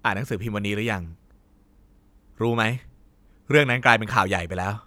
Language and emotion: Thai, angry